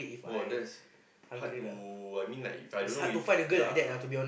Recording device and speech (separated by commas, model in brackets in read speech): boundary microphone, conversation in the same room